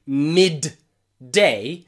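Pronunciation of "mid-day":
'Mid-day' is said here without a stop after 'mid'; it runs straight on into 'day' instead of stopping between them.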